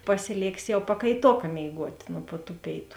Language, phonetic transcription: Lithuanian, pasiˈlėksi jau pakaiˈtoka mėiˈguot' nu pu tų ˈpėitu

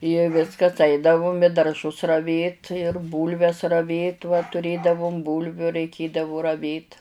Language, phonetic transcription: Lithuanian, i ˈviskas ˈaidavum i darˈžus raˈvėt ir ˈbūlves raˈvėt va tuˈrėdavum ˈbūlviu raiˈkėdavu raˈvėt

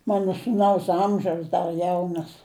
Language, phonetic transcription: Lithuanian, ˈmano sūˈnaus ˈamžiaus ˈdar ˈjaunas

